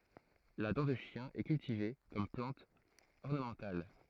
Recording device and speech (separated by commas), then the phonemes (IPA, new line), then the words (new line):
throat microphone, read sentence
la dɑ̃ də ʃjɛ̃ ɛ kyltive kɔm plɑ̃t ɔʁnəmɑ̃tal
La dent de chien est cultivée comme plante ornementale.